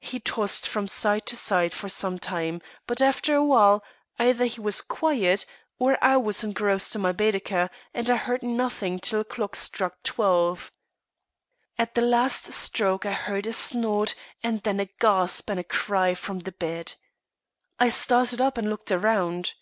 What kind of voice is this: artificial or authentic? authentic